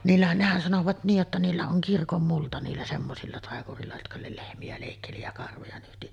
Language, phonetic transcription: Finnish, niillähän , nehän sanovat 'niij jotta niillä oŋ "kirkommulta niillä 'semmosilla 'tàekur̀iilla jotka le- 'lehmi₍ä lèikkeli ja 'karvoja nyhti .
- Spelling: niillähän nehän sanoivat niin jotta niillä on kirkonmulta niillä semmoisilla taikureilla jotka - lehmiä leikkeli ja karvoja nyhti

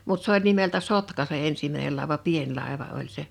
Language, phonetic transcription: Finnish, 'mut s ‿oĺ nimeltä "Sotka se 'ensimäinel làḙva "pien 'làḙva oĺ se .
- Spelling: mutta se oli nimeltä Sotka se ensimmäinen laiva pieni laiva oli se

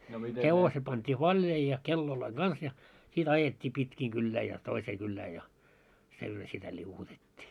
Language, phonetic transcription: Finnish, 'hevoseᵗ pant́ii "vaĺjai ja , 'kelloloiŋ "ɢans ja , sit "ajet́t́ii 'pitkii 'kyllää ja 'toisee kyllää ja , 'sillo sitä 'ĺiuwutet́t́ii .
- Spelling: hevonen pantiin valjaisiin ja kellojen kanssa ja sitten ajettiin pitkin kylää ja toiseen kylään ja silloin sitä liu'utettiin

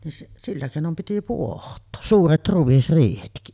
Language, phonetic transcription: Finnish, nin 'sillä kèinom piti "puoht̆too , 'suuret 'ruᵛisriihetki .
- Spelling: niin sillä keinoin piti pohtaa suuret ruisriihetkin

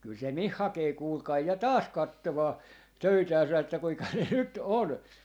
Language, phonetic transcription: Finnish, 'kyl se "mih 'hakee 'kuulkai 'ja "taas 'kattomaa , 'töitääsä että kuika ne 'nyt "on .
- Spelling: kyllä se minun hakee kuulkaa ja taas katsomaan töitänsä että kuinka ne nyt on

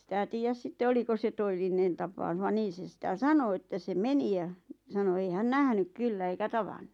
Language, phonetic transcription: Finnish, sitä 'tiijäs 'sitte "oliko se 'to₍ellinen tapau̬ˢ va 'niin̬ se 'sⁱtä "sano ᵉttä se "meni ʲa , sano ei 'hän "nähnyk 'kyllä eikä "tavannu .
- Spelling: sitä tiedä sitten oliko se todellinen tapaus vaan niin se sitä sanoi että se meni ja sanoi ei hän nähnyt kyllä eikä tavannut

